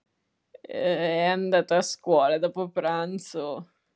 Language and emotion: Italian, disgusted